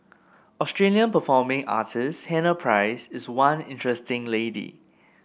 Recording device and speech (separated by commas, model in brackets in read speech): boundary microphone (BM630), read sentence